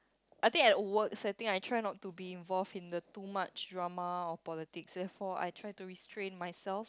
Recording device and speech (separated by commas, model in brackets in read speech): close-talking microphone, conversation in the same room